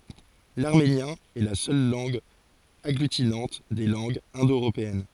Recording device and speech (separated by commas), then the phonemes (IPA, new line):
forehead accelerometer, read sentence
laʁmenjɛ̃ ɛ la sœl lɑ̃ɡ aɡlytinɑ̃t de lɑ̃ɡz ɛ̃do øʁopeɛn